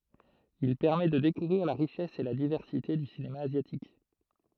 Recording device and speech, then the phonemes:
throat microphone, read sentence
il pɛʁmɛ də dekuvʁiʁ la ʁiʃɛs e la divɛʁsite dy sinema azjatik

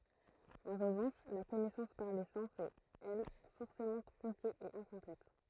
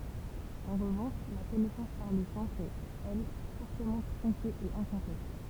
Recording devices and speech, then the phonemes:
throat microphone, temple vibration pickup, read sentence
ɑ̃ ʁəvɑ̃ʃ la kɔnɛsɑ̃s paʁ le sɑ̃s ɛt ɛl fɔʁsemɑ̃ tʁɔ̃ke e ɛ̃kɔ̃plɛt

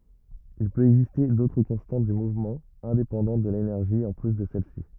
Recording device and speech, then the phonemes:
rigid in-ear microphone, read sentence
il pøt ɛɡziste dotʁ kɔ̃stɑ̃t dy muvmɑ̃ ɛ̃depɑ̃dɑ̃t də lenɛʁʒi ɑ̃ ply də sɛl si

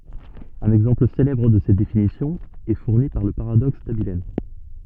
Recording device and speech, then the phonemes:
soft in-ear microphone, read sentence
œ̃n ɛɡzɑ̃pl selɛbʁ də sɛt definisjɔ̃ ɛ fuʁni paʁ lə paʁadɔks dabiln

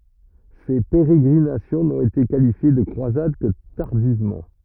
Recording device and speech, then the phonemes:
rigid in-ear microphone, read sentence
se peʁeɡʁinasjɔ̃ nɔ̃t ete kalifje də kʁwazad kə taʁdivmɑ̃

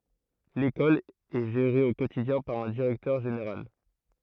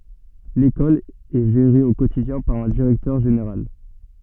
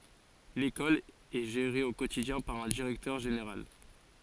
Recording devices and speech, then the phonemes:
throat microphone, soft in-ear microphone, forehead accelerometer, read sentence
lekɔl ɛ ʒeʁe o kotidjɛ̃ paʁ œ̃ diʁɛktœʁ ʒeneʁal

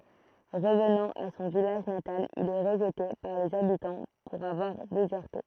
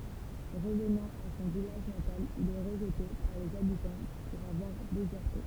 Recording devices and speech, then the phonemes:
throat microphone, temple vibration pickup, read sentence
ʁəvnɑ̃ a sɔ̃ vilaʒ natal il ɛ ʁəʒte paʁ lez abitɑ̃ puʁ avwaʁ dezɛʁte

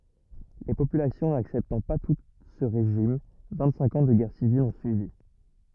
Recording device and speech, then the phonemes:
rigid in-ear microphone, read sentence
le popylasjɔ̃ naksɛptɑ̃ pa tut sə ʁeʒim vɛ̃tsɛ̃k ɑ̃ də ɡɛʁ sivil ɔ̃ syivi

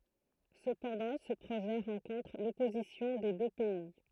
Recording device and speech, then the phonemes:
throat microphone, read sentence
səpɑ̃dɑ̃ sə pʁoʒɛ ʁɑ̃kɔ̃tʁ lɔpozisjɔ̃ de dø pɛi

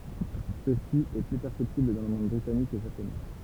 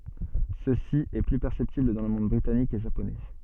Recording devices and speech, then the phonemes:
temple vibration pickup, soft in-ear microphone, read sentence
səsi ɛ ply pɛʁsɛptibl dɑ̃ lə mɔ̃d bʁitanik e ʒaponɛ

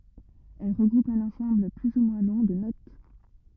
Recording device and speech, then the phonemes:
rigid in-ear microphone, read sentence
ɛl ʁəɡʁupt œ̃n ɑ̃sɑ̃bl ply u mwɛ̃ lɔ̃ də not

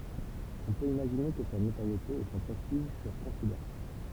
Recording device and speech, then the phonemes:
temple vibration pickup, read sentence
ɔ̃ pøt imaʒine kə sa notoʁjete e sɔ̃ pʁɛstiʒ fyʁ kɔ̃sideʁabl

